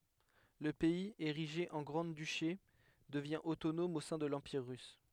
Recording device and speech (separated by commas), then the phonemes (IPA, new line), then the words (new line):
headset microphone, read sentence
lə pɛiz eʁiʒe ɑ̃ ɡʁɑ̃dyʃe dəvjɛ̃ otonɔm o sɛ̃ də lɑ̃piʁ ʁys
Le pays, érigé en grand-duché, devient autonome au sein de l'Empire russe.